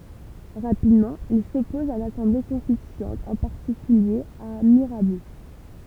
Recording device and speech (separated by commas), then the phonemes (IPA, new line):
temple vibration pickup, read sentence
ʁapidmɑ̃ il sɔpɔz a lasɑ̃ble kɔ̃stityɑ̃t ɑ̃ paʁtikylje a miʁabo